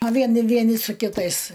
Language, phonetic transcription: Lithuanian, a ˈvien ˈvieni su kiˈtais

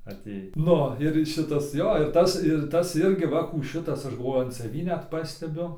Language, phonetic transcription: Lithuanian, aˈtėj ˈnu ir ˈšitas ˈjo ir ˈtas ir ˈtas ˈirgi ˈva kų ˈšitas ˈaš galˈvoju an saˈvį net ˈpastebiu

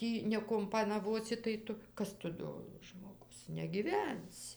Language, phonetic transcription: Lithuanian, ˈtį nekumpanaˈvosi tai ˈtu ˈkas tu ˈdo žmoˈgus negyˈvensi

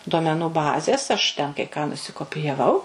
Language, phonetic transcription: Lithuanian, duomeˈnų ˈbazės aš ˈten kai ką nusikopijaˈvau

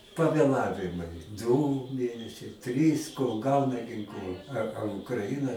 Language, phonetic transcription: Lithuanian, pavėˈlavimai dū ˈmėnesiai ˈtrys kol ˈgauna ginˈklu a a ukraˈina

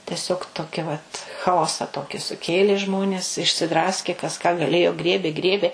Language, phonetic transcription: Lithuanian, teˈsiog ˈtoki vat chaˈosa ˈtoki suˈkėlė ˈžmonės išsiˈdraskė kas ką gaˈlėjo ˈgriebė ˈgriebė

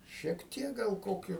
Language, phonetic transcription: Lithuanian, šiek ˈtiek gal ˈkokiu

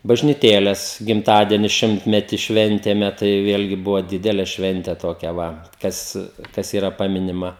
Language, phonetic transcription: Lithuanian, bažnyˈtėles gimˈtadieni ˈšimtmeti ˈšventėme tai ˈvėlgi ˈbuvo ˈdidele ˈšvente toˈkia ˈva ˈkas ˈkas yˈra ˈpaminima

